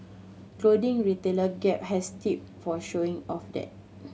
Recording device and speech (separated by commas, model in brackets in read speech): mobile phone (Samsung C7100), read sentence